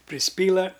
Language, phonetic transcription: Lithuanian, prisˈpyla

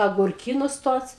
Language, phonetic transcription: Lithuanian, agurˈkynus ˈtuos

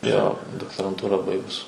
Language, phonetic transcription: Lithuanian, jo doktoranˈtūrą ˈbaigus

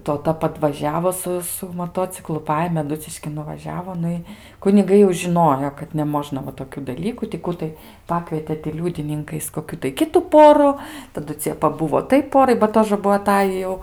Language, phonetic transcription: Lithuanian, toˈta padvaˈžiavo ˈsu su moˈtociklu ˈpajėmė aˈduciškin nuvaˈžiavo ˈnu i kuniˈgai jau žiˈnojo kad neˈmožna va toˈkių daˈlykų ti ˈkų tai ˈpakvietė ti ˈliūdininkais koˈkių tai ˈkitu ˈporu taˈdu ˈcie paˈbuvo ˈtai ˈporai ba ˈtožə ˈbuo aˈtajį jau

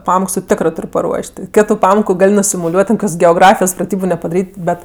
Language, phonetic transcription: Lithuanian, ˈpamoks ti ˈtikrɜ paˈruoš't' ti ˈkitu ˈpamoku ˈgal' nusimuˈliuot' ten ˈkokios geoˈgrafijos praˈtybu nepadaˈryt' ˈbet

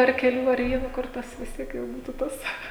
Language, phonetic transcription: Lithuanian, ar keˈlių ar ˈvieno ˈkur tas vis ˈtiek jau ˈbūtu ˈtas

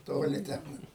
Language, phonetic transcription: Lithuanian, ˈtoli ˈten

